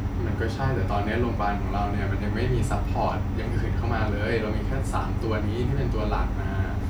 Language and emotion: Thai, frustrated